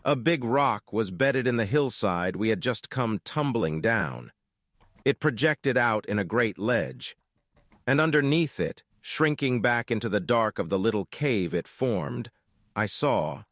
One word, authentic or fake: fake